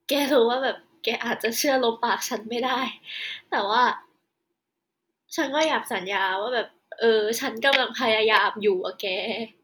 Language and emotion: Thai, sad